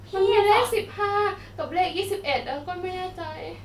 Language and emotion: Thai, sad